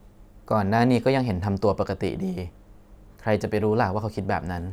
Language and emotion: Thai, neutral